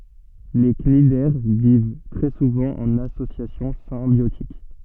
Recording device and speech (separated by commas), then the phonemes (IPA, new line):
soft in-ear microphone, read sentence
le knidɛʁ viv tʁɛ suvɑ̃ ɑ̃n asosjasjɔ̃ sɛ̃bjotik